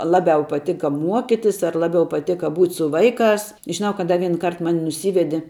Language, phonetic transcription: Lithuanian, ˈlabiau paˈtika ˈmuokitis ar ˈlabiau paˈtėka ˈbūt' su ˈvaiˌkās žiˈnau kad ˈda ˈvien ˈkart ˈmani nuˈsyvedi

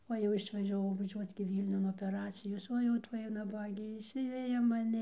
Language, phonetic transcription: Lithuanian, o jau išvažiaˈvau vaˈžiuoc gi ˈvylniun opeˈracijos ˈo jau ˈtuoj naˈbagė išˈsiveja maˈni

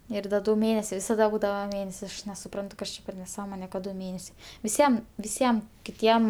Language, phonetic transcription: Lithuanian, ir ˈda ˈdu ˈmėnesiai visaˈda ˈbūdava ˈmėnesi ˈaš nesuˈprantu ˈkas čia per neˈsąmone kad ˈdu ˈmėnesiai viˈsiem viˈsiem kiˈtiem

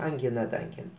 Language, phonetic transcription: Lithuanian, anˈgina da anˈgin

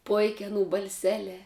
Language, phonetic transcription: Lithuanian, ˈpoik' aˈnų balˈselē

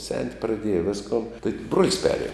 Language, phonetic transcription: Lithuanian, sen't' praˈdieja ˈviskon tai bruol's' ˈperˌiem'

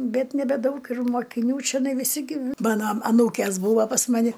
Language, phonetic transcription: Lithuanian, ˈbet nebeˈdaug ir mokiˈnių čeˈnai viˈsi gi ˈmano aˈnūkės ˈbūva pas ˈmani

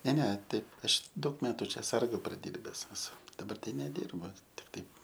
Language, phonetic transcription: Lithuanian, ne ˈne ˈtai ˈaš ˈdaug ˈmetu ˈčia ˈsargu praˈdyrbes eˈsu daˈbar ˈtai neˈdyrbu tik ˈtaip

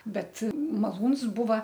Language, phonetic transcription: Lithuanian, ˈbet maˈlūns ˈbūva

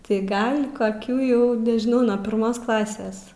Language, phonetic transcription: Lithuanian, tai ˈgal' koˈkių ˈjau nežiˈnau nuo pirˈmos ˈklasės

